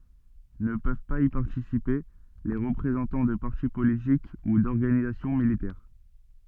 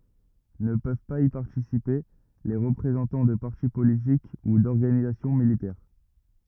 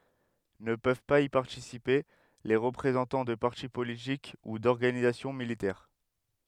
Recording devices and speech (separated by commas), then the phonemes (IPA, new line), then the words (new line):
soft in-ear microphone, rigid in-ear microphone, headset microphone, read sentence
nə pøv paz i paʁtisipe le ʁəpʁezɑ̃tɑ̃ də paʁti politik u dɔʁɡanizasjɔ̃ militɛʁ
Ne peuvent pas y participer les représentant de parti politique ou d'organisation militaire.